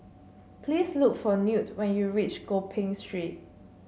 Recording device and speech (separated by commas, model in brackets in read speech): mobile phone (Samsung C7), read sentence